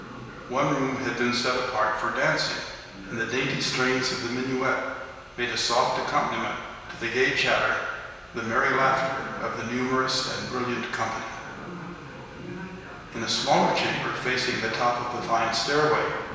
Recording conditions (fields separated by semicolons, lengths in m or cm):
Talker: one person; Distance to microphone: 1.7 m; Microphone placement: close; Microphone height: 1.0 m; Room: very reverberant, large; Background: television